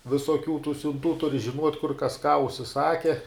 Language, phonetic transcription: Lithuanian, visoˈkių tų siunˈtų ˈturi žiˈnuot' kur kas ką užsiˈsake

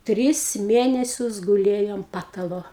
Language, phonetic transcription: Lithuanian, ˈtris ˈmėnesius guˈlėjo ant ˈpatalo

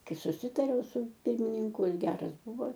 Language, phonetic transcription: Lithuanian, ˈkai suˈsitariau su ˈpirmininku ˈjis ˈgeras ˈbuvo

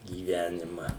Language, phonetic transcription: Lithuanian, gyˈvenima

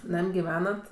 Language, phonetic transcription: Lithuanian, ˈnam' giˈvenat

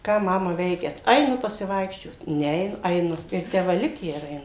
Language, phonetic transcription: Lithuanian, ˈką ˈmama ˈveikiat ˈainu pasiˈvaikščiot ˈne eiˈnu aiˈnu ir ˈtę ˈva ˈlikę ir aiˈnu

